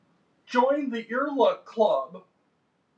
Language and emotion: English, fearful